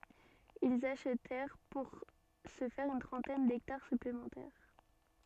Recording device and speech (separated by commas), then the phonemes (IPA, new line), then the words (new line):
soft in-ear microphone, read sentence
ilz aʃtɛʁ puʁ sə fɛʁ yn tʁɑ̃tɛn dɛktaʁ syplemɑ̃tɛʁ
Ils achetèrent pour ce faire une trentaine d’hectares supplémentaires.